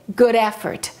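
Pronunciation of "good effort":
In 'good effort', the d is said quickly and links straight into 'effort'.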